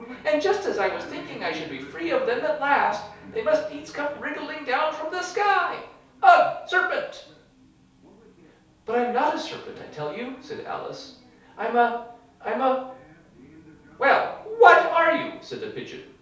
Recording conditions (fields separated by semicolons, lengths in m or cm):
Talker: one person; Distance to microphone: 3.0 m; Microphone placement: far; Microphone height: 1.8 m; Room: small (3.7 m by 2.7 m); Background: television